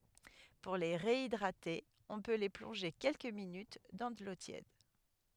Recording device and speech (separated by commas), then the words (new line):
headset microphone, read sentence
Pour les réhydrater, on peut les plonger quelques minutes dans de l'eau tiède..